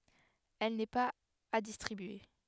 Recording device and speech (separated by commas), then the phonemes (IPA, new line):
headset microphone, read sentence
ɛl nɛ paz a distʁibye